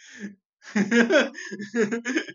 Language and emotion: Thai, happy